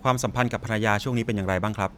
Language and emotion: Thai, neutral